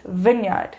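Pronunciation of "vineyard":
'Vineyard' is pronounced correctly here.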